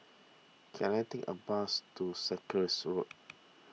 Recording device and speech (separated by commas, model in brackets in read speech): mobile phone (iPhone 6), read sentence